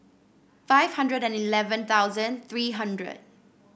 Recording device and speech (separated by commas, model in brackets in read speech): boundary microphone (BM630), read sentence